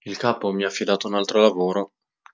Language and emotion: Italian, sad